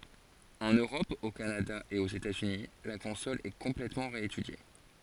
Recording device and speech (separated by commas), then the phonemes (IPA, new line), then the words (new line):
forehead accelerometer, read sentence
ɑ̃n øʁɔp o kanada e oz etazyni la kɔ̃sɔl ɛ kɔ̃plɛtmɑ̃ ʁeetydje
En Europe, au Canada et aux États-Unis, la console est complètement réétudiée.